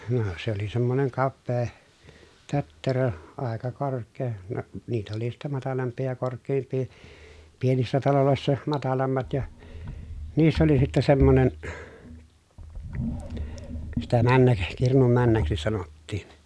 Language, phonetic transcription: Finnish, no , se ‿oli semmoneŋ kappee , tötterö , àeka kork̆kee , no , niitä oli sittä matalamp̀ii ja kork̆keemp̀ii , pienissä talolòessa matalammat ja , niissä oli sittɛ semmonen , sitä männäk- , kirnum männäksi sanottiin̬ .
- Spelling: no se oli semmoinen kapea tötterö aika korkea no niitä oli sitten matalampia ja korkeampia pienissä taloissa matalammat ja niissä oli sitten semmoinen sitä - kirnun männäksi sanottiin

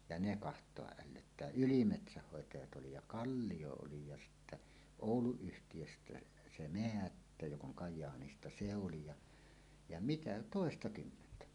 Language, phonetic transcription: Finnish, ja 'ne "kaht̀oaˀ 'ˀällöttää "ylimetsähhòetajat 'oli ja "Kalliʲo oli ja 'sittä , "Òulu₍yhtijöstä 'se "Meättä jok ‿oŋ 'Kaj̆jaanista "se oli ja , ja "mitä , 'tòestakymmentä .
- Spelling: ja ne katsoa ällöttää ylimetsänhoitajat oli ja Kallio oli ja sitten Oulu-yhtiöstä se Määttä joka on Kajaanista se oli ja ja mitä toistakymmentä

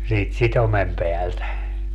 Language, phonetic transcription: Finnish, siit 'sitomem 'peältä .
- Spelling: siitä sitomen päältä

